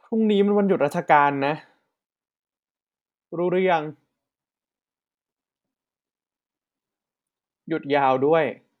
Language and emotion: Thai, frustrated